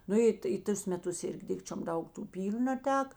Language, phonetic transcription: Lithuanian, ˈnu i tai ˈtus meˈtus ˈirgi ˈdikčiom ˈdaug tų ˈpyliu naˈteka

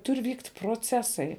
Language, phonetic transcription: Lithuanian, ˈtur' ˈvykt' proˈcesai

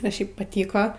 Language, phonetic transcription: Lithuanian, a ˈšiaip paˈtyko

